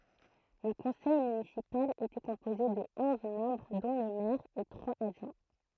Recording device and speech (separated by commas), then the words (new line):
throat microphone, read sentence
Le conseil municipal était composé de onze membres dont le maire et trois adjoints.